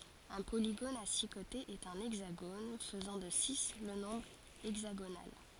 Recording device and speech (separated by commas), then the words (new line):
forehead accelerometer, read sentence
Un polygone à six côtés est un hexagone, faisant de six le nombre hexagonal.